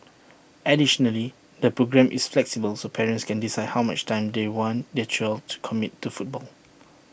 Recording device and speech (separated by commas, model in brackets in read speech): boundary microphone (BM630), read sentence